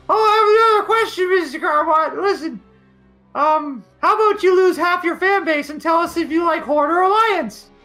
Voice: high-pitched